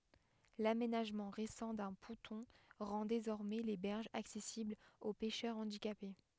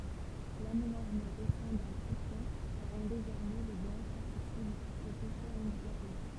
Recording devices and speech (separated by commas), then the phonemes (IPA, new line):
headset microphone, temple vibration pickup, read sentence
lamenaʒmɑ̃ ʁesɑ̃ dœ̃ pɔ̃tɔ̃ ʁɑ̃ dezɔʁmɛ le bɛʁʒz aksɛsiblz o pɛʃœʁ ɑ̃dikape